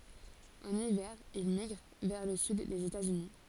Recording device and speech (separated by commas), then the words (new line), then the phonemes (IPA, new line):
forehead accelerometer, read sentence
En hiver, il migre vers le Sud des États-Unis.
ɑ̃n ivɛʁ il miɡʁ vɛʁ lə syd dez etatsyni